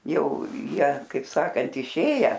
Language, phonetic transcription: Lithuanian, ˈjau ˈjie kaip ˈsakant iˈšėję

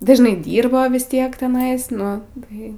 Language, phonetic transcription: Lithuanian, ˈda žinˈai ˈdyrba ˈtiek teˈnais ˈnu ˈtai

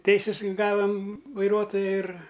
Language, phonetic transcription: Lithuanian, ˈteisis ˈgavam vaiˈruotoja ir

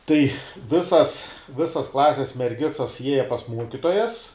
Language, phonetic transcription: Lithuanian, tai ˈvisas ˈvisas ˈklases merˈgicas ˈjieja pas ˈmuokitojas

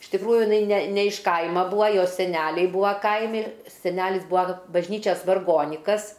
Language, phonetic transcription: Lithuanian, iš tikˈrųju jiˈnai ne ne iš ˈkaima ˈbūa ˈjos seˈneliai ˈbūa ˈkaimi seˈnelis ˈbūa bažˈnyčias varˈgonikas

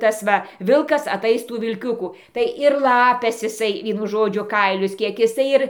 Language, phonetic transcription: Lithuanian, ˈtasˈva ˈvilkas aˈtais ˈtų vilˈkiuku tai ir ˈlapes iˈsai ˈvienu ˈžodžiu ˈkailius ˈkiek iˈsai ir

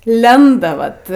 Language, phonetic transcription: Lithuanian, ˈlenda ˈvat

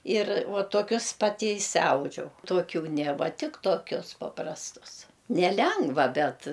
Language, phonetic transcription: Lithuanian, yr vuo tuoˈkius ˈpati išsiˈaudžiau tuoˈkių nė ˈva ˈtik toˈkius paprasˈtus neˈlengva ˈbet

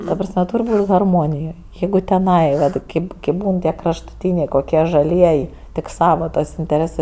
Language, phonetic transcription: Lithuanian, ta prasˈme ˈtūr' ˈbūt' harˈmonijoj ˈjeigu teˈnai ˈvat ˈkėp ˈkėp ˈbūn ˈtie kraštuˈtynė koˈkie žaˈliej tik ˈsava tas inteˈrėsɜ

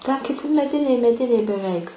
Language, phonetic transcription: Lithuanian, tę kiˈti meˈdiniai meˈdiniai beˈveik

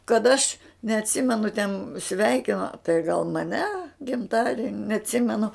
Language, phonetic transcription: Lithuanian, kad aš neatˈsimenu ten ˈsveikino tai gal maˈne gimˈtadieni neatˈsimenu

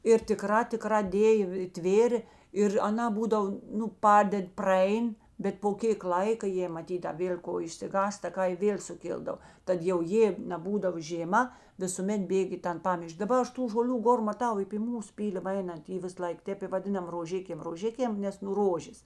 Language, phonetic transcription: Lithuanian, ir tiˈkrā tiˈkrā ˈdėjo i ˈtvėrė ir aˈnā ˈbūdav ˈnu ˈpaded' praˈein bet po ˈkėk ˈlaika ˈjė maˈtyt a ˈvėl' ˈko išsiˈgąsta ˈka i ˈvėl' suˈkildav ˈtad jau ˈjė neˈbūdavo žėˈma visuˈmet ˈbėg' į ˈtan ˈpamiš'k' daˈba ˈaš ˈtų žoˈlių ˈgor maˈtau i py ˈmūs ˈpylima ˈeinant ˈy ˈvis ˈlaik ˈtėp i vaˈdinam roˈžikėm roˈžikėm ˈnes nu ˈrožės

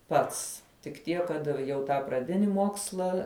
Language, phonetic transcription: Lithuanian, ˈpats tik ˈtiek kad jau ˈtą praˈdini ˈmoksla

